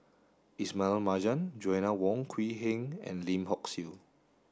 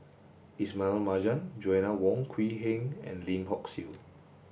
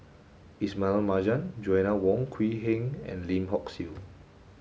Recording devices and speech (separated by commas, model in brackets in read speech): standing microphone (AKG C214), boundary microphone (BM630), mobile phone (Samsung S8), read sentence